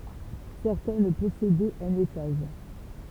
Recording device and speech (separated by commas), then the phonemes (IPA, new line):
temple vibration pickup, read sentence
sɛʁtɛn pɔsedɛt œ̃n etaʒ